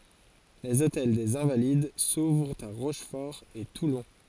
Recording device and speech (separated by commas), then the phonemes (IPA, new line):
forehead accelerometer, read sentence
lez otɛl dez ɛ̃valid suvʁt a ʁoʃfɔʁ e tulɔ̃